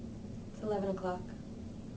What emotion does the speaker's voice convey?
neutral